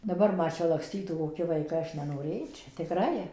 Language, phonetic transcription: Lithuanian, daˈbar ˈma ˈčia lakˈstytų koˈki vaiˈkai ˈaš nenoˈrėčia tikˈrai

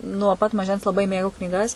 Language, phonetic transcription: Lithuanian, nuo pat maˈžens laˈbai ˈmėgau knyˈgas

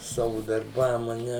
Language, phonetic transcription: Lithuanian, ˈsavu darˈbam a ˈne

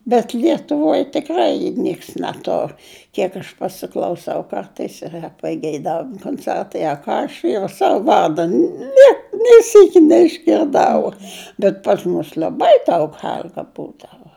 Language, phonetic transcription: Lithuanian, bet lietuˈvoj tikˈrai ˈnieks neˈtur ˈkiek aš pasiklauˈsau ˈkartais yˈra pageiˈdavimu konˈcertai a ˈką aš jau ˈsavu ˈvarda ˈne nė ˈsyki neišgirˈdau bet pas ˈmus liaˈbai daug ˈhel'ga ˈbūdava

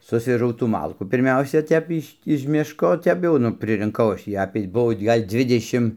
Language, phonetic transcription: Lithuanian, ˈsusvežau tų ˈmalkų pirˈmiausia ˈtep iš' iž ˈmiško ˈtep jau ˈnu pririnˈkau ˈaš tį ˈapė ˈbuo ˈgal' ˈdzvidešim

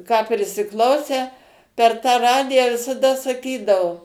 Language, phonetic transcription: Lithuanian, ką prisiˈklausę per tą ˈradiją visaˈda saˈkydavo

